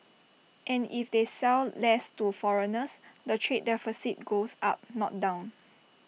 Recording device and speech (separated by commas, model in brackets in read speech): mobile phone (iPhone 6), read sentence